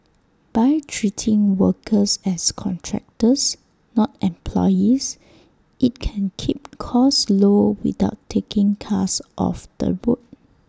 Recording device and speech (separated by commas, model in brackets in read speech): standing microphone (AKG C214), read sentence